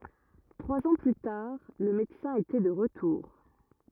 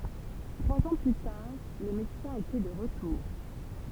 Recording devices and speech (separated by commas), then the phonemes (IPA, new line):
rigid in-ear microphone, temple vibration pickup, read sentence
tʁwaz ɑ̃ ply taʁ lə medəsɛ̃ etɛ də ʁətuʁ